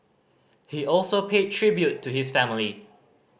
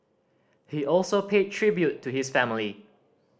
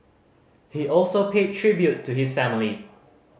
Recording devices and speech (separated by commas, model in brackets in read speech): boundary microphone (BM630), standing microphone (AKG C214), mobile phone (Samsung C5010), read sentence